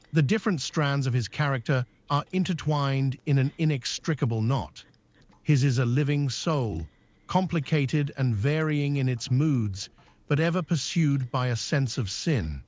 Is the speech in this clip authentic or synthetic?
synthetic